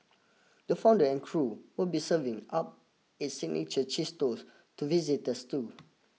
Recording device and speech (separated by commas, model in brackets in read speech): mobile phone (iPhone 6), read sentence